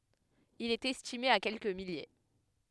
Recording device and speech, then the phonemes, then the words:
headset microphone, read sentence
il ɛt ɛstime a kɛlkə milje
Il est estimé à quelques milliers.

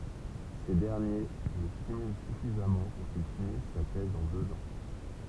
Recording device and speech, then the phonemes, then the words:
temple vibration pickup, read sentence
se dɛʁnje lə stimylɑ̃ syfizamɑ̃ puʁ kil finis sa tɛz ɑ̃ døz ɑ̃
Ces derniers le stimulent suffisamment pour qu'il finisse sa thèse en deux ans.

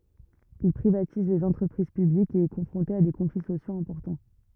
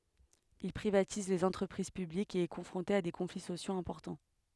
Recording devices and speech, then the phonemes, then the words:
rigid in-ear microphone, headset microphone, read sentence
il pʁivatiz lez ɑ̃tʁəpʁiz pyblikz e ɛ kɔ̃fʁɔ̃te a de kɔ̃fli sosjoz ɛ̃pɔʁtɑ̃
Il privatise les entreprises publiques et est confronté à des conflits sociaux importants.

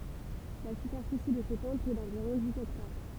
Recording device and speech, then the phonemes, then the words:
temple vibration pickup, read sentence
la sypɛʁfisi də sə tɑ̃pl ɛ dɑ̃viʁɔ̃ diz ɛktaʁ
La superficie de ce temple est d'environ dix hectares.

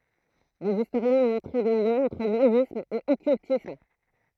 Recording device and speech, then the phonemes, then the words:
throat microphone, read sentence
dez istoʁjɛ̃z ɔ̃ mɔ̃tʁe de ljɛ̃z ɑ̃tʁ nazism e ɔkyltism
Des historiens ont montré des liens entre nazisme et occultisme.

